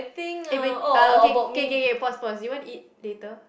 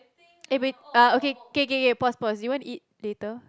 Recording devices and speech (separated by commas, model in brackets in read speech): boundary microphone, close-talking microphone, conversation in the same room